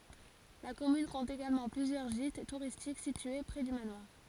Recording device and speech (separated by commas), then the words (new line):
forehead accelerometer, read sentence
La commune compte également plusieurs gîtes touristiques situés près du manoir.